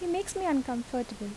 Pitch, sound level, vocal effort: 260 Hz, 76 dB SPL, soft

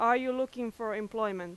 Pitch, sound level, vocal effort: 225 Hz, 92 dB SPL, very loud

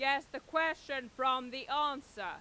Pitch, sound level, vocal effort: 275 Hz, 101 dB SPL, very loud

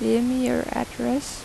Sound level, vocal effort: 83 dB SPL, soft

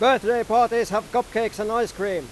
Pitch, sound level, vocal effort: 230 Hz, 102 dB SPL, very loud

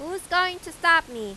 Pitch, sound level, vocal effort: 340 Hz, 98 dB SPL, very loud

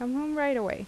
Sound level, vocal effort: 83 dB SPL, normal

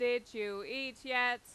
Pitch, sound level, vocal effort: 245 Hz, 97 dB SPL, loud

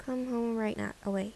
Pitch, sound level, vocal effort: 225 Hz, 76 dB SPL, soft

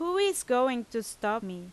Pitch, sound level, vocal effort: 235 Hz, 88 dB SPL, loud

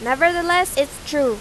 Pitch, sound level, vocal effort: 290 Hz, 94 dB SPL, very loud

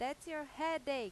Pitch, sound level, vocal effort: 295 Hz, 95 dB SPL, loud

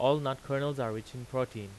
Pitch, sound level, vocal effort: 130 Hz, 91 dB SPL, loud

